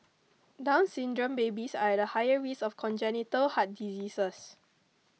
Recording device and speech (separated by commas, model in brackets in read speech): mobile phone (iPhone 6), read sentence